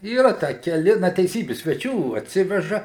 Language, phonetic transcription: Lithuanian, yˈra ˈtę keˈli ˈna teiˈsybi sveˈčių atˈsiveža

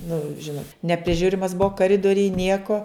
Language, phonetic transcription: Lithuanian, nu ˈžinot nepriˈžiurimas ˈbuvo kaˈridorij ˈnieko

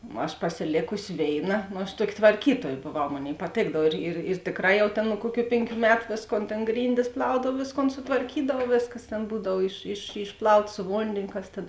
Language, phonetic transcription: Lithuanian, aš pasiˈlėkusi ˈvėiˌna no aš ˈtuoki tvarˈkytuoj boˈvau ˈmonėi paˈtėkdav ir ir ir ˈtėkˌrā ˈjau ˈtėn nu ˈkuoˌkių ˈpėnˌkių ˈmetu ˈvėsˌkon tėn ˈgryndis ˈplaudav ˈvėsˌkon sutvarˈkydav ˈvėsˌkas ˈtėn ˈbūdav iš iš išˈplauta su ˈvondėnio ˈkas tėn

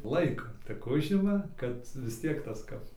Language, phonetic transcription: Lithuanian, ˈlaiko tik ˈužima kad vis ˈtiek ˈtas ˈkap

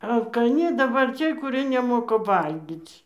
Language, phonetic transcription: Lithuanian, alkaˈni daˈbar ˈciej kuˈrie neˈmoka ˈvalgyc'

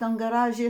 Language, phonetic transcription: Lithuanian, ˈtam gaˈraži

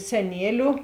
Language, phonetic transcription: Lithuanian, seˈnieliu

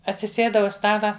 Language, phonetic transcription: Lithuanian, atsiˈsėda už ˈstala

